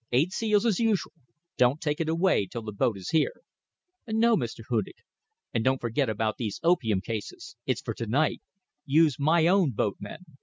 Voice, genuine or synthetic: genuine